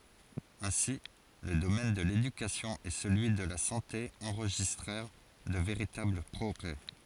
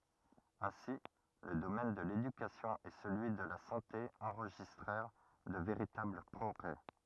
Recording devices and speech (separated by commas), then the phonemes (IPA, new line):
forehead accelerometer, rigid in-ear microphone, read sentence
ɛ̃si lə domɛn də ledykasjɔ̃ e səlyi də la sɑ̃te ɑ̃ʁʒistʁɛʁ də veʁitabl pʁɔɡʁɛ